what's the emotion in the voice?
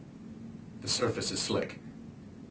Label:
neutral